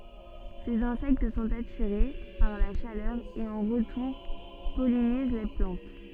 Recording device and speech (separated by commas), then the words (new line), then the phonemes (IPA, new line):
soft in-ear microphone, read sentence
Ces insectes sont attirés par la chaleur et en retour pollinisent la plante.
sez ɛ̃sɛkt sɔ̃t atiʁe paʁ la ʃalœʁ e ɑ̃ ʁətuʁ pɔliniz la plɑ̃t